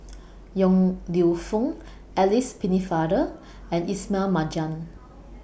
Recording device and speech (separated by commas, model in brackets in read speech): boundary microphone (BM630), read sentence